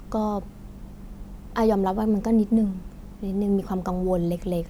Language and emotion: Thai, frustrated